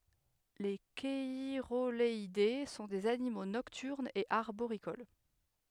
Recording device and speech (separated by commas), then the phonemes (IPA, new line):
headset microphone, read sentence
le ʃɛʁoɡalɛde sɔ̃ dez animo nɔktyʁnz e aʁboʁikol